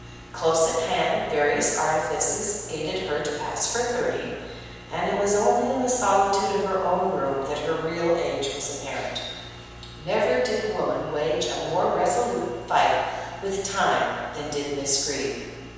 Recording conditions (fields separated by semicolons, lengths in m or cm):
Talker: one person; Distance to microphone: 7.1 m; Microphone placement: far; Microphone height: 1.7 m; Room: very reverberant, large; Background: none